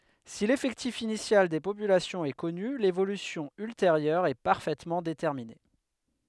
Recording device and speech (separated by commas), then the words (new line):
headset microphone, read sentence
Si l'effectif initial des populations est connu, l'évolution ultérieure est parfaitement déterminée.